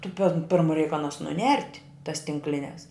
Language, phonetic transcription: Lithuanian, tu pen ˈpirmu reik aˈnas nuˈnert' tas tinkˈlines

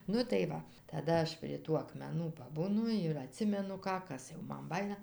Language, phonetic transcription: Lithuanian, ˈnu tai ˈva taˈda ˈaš prie ˈtų akmeˈnų paˈbūnu ir aˈtsimenu ˈką ˈkas jau ˈman ˈbajina

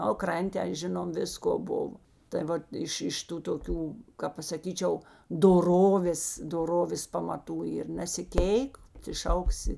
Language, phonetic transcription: Lithuanian, o ˈkran't' ten ˈžinom ˈvisko ˈbuvo tai ˈvat ˈiš ˈiš ˈtų toˈkių kap pasaˈkyčiau doˈrovės doˈrovės pamaˈtų ir nesiˈkėik ti ˈšauksi

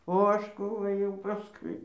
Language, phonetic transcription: Lithuanian, o ˈaš ˈkų ɘˈjau ˈpaskui

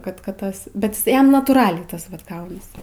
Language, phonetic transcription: Lithuanian, ˈkad ˈkad ˈtas bet ˈjis ˈjam natūˈraliai ˈtas vat ˈgaunas

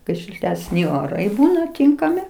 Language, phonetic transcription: Lithuanian, ˈkai šiltesˈni oˈrai ˈbūna ˈtinkami

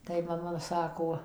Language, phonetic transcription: Lithuanian, tai maˈma ˈsako

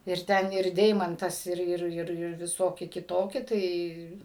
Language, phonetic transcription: Lithuanian, ir ˈten ir ˈdeimantas ˈir ˈir ˈir ir viˈsoki kiˈtoki ˈtai

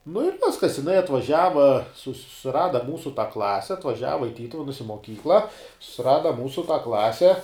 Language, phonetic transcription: Lithuanian, nu ir ˈviskas jiˈnai atvaˈžiava sus suˈrada ˈmūsu tą ˈklase atvaˈžiava i ˈtytuvenus i moˈkykla susiˈrada ˈmūsu tą ˈklase

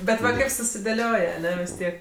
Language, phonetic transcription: Lithuanian, ˈbet va ˈkaip susidėˈlioj aˈne vis ˈtiek

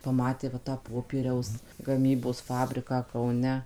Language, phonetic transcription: Lithuanian, paˈmatė va tą ˈpopieriaus gaˈmybos ˈfabriką kauˈne

